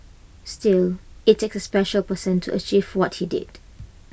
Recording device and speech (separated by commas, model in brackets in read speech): boundary microphone (BM630), read sentence